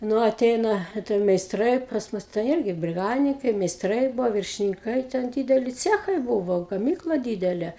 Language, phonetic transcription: Lithuanian, ˈnu aˈteina a ˈten meisˈtrai pas ˈmus tai ˈirgi briˈgadininkai meisˈtrai ˈbuvo viršininˈkai ten ˈdydeli ˈcechai ˈbuvo gaˈmykla ˈdydele

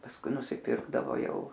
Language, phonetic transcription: Lithuanian, pasˈkui nusiˈpirkdavo ˈjau

